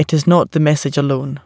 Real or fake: real